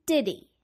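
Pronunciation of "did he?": In 'did he', the h of 'he' is dropped, so 'he' becomes 'e', and the d of 'did' connects straight into it.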